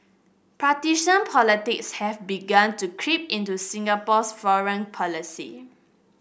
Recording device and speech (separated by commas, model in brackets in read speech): boundary microphone (BM630), read sentence